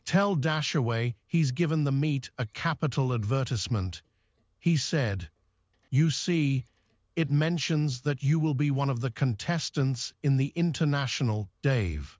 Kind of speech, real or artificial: artificial